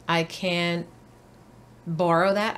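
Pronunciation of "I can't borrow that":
In 'can't', the t at the end is not released before 'borrow', so no t is heard. The vowel sound of 'can't' is still heard.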